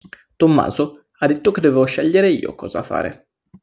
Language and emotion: Italian, angry